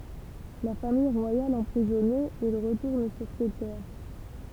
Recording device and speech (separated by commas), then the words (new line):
temple vibration pickup, read sentence
La Famille royale emprisonnée, il retourne sur ses terres.